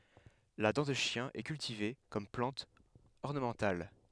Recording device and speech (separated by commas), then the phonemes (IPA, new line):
headset microphone, read sentence
la dɑ̃ də ʃjɛ̃ ɛ kyltive kɔm plɑ̃t ɔʁnəmɑ̃tal